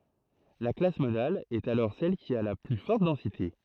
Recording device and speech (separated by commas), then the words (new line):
throat microphone, read sentence
La classe modale est alors celle qui a la plus forte densité.